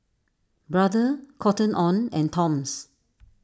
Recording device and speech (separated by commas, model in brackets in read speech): standing microphone (AKG C214), read sentence